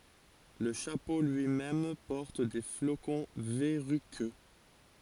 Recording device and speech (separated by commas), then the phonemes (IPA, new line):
forehead accelerometer, read sentence
lə ʃapo lyimɛm pɔʁt de flokɔ̃ vɛʁykø